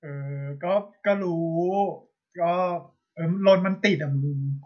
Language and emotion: Thai, frustrated